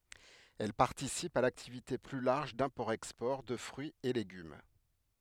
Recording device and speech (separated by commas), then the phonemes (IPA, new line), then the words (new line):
headset microphone, read sentence
ɛl paʁtisipt a laktivite ply laʁʒ dɛ̃pɔʁtɛkspɔʁ də fʁyiz e leɡym
Elles participent à l'activité plus large d'import-export de fruits et légumes.